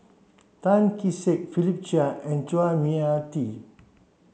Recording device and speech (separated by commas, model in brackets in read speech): mobile phone (Samsung C7), read sentence